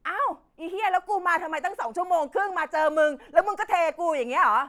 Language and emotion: Thai, angry